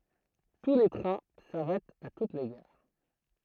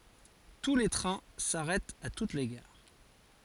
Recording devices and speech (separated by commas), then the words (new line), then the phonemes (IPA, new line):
throat microphone, forehead accelerometer, read sentence
Tous les trains s'arrêtent à toutes les gares.
tu le tʁɛ̃ saʁɛtt a tut le ɡaʁ